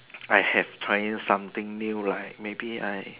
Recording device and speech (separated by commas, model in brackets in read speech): telephone, conversation in separate rooms